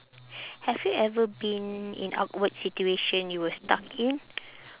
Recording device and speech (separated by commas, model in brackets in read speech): telephone, conversation in separate rooms